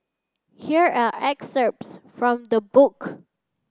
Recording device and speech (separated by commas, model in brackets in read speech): standing microphone (AKG C214), read sentence